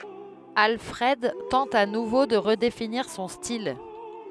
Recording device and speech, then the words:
headset microphone, read sentence
Alfred tente à nouveau de redéfinir son style.

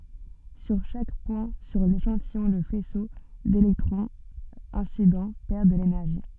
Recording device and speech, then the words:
soft in-ear microphone, read sentence
Sur chaque point sur l'échantillon le faisceau d'électrons incident perd de l'énergie.

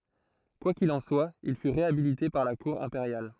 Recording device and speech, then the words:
throat microphone, read sentence
Quoi qu’il en soit, il fut réhabilité par la cour impériale.

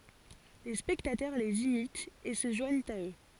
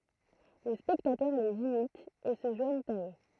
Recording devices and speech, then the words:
forehead accelerometer, throat microphone, read sentence
Les spectateurs les imitent et se joignent à eux.

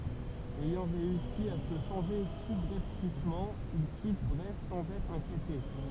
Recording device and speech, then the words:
temple vibration pickup, read sentence
Ayant réussi à se changer subrepticement, il quitte Brest sans être inquiété.

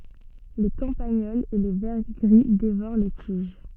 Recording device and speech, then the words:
soft in-ear microphone, read sentence
Les campagnols et les vers gris dévorent les tiges.

